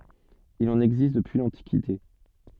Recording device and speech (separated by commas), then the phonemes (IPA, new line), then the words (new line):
soft in-ear microphone, read sentence
il ɑ̃n ɛɡzist dəpyi lɑ̃tikite
Il en existe depuis l'Antiquité.